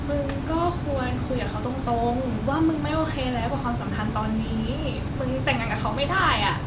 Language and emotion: Thai, frustrated